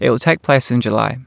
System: none